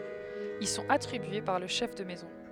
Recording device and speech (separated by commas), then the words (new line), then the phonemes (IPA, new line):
headset microphone, read sentence
Ils sont attribués par le chef de maison.
il sɔ̃t atʁibye paʁ lə ʃɛf də mɛzɔ̃